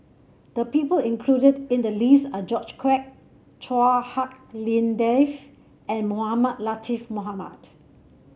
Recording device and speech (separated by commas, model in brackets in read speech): mobile phone (Samsung C7), read sentence